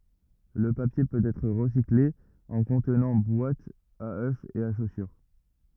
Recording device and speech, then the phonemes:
rigid in-ear microphone, read sentence
lə papje pøt ɛtʁ ʁəsikle ɑ̃ kɔ̃tnɑ̃ bwatz a ø e a ʃosyʁ

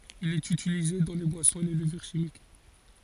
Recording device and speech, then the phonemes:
forehead accelerometer, read sentence
il ɛt ytilize dɑ̃ le bwasɔ̃z e le ləvyʁ ʃimik

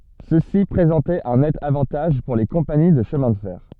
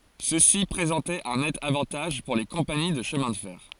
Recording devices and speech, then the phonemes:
soft in-ear microphone, forehead accelerometer, read sentence
səsi pʁezɑ̃tɛt œ̃ nɛt avɑ̃taʒ puʁ le kɔ̃pani də ʃəmɛ̃ də fɛʁ

